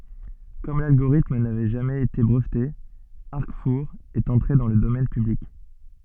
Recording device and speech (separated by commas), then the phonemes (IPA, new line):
soft in-ear microphone, read sentence
kɔm lalɡoʁitm navɛ ʒamɛz ete bʁəvte aʁkfuʁ ɛt ɑ̃tʁe dɑ̃ lə domɛn pyblik